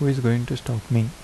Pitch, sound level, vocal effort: 120 Hz, 76 dB SPL, soft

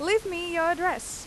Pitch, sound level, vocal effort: 355 Hz, 92 dB SPL, very loud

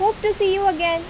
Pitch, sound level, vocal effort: 390 Hz, 87 dB SPL, loud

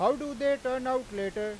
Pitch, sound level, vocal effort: 255 Hz, 100 dB SPL, very loud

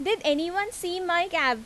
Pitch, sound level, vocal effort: 350 Hz, 89 dB SPL, loud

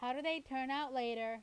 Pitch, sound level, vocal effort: 260 Hz, 92 dB SPL, loud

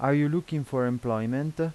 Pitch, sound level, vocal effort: 140 Hz, 86 dB SPL, normal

